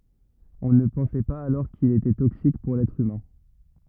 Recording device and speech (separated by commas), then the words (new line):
rigid in-ear microphone, read sentence
On ne pensait pas alors qu'il était toxique pour l'être humain.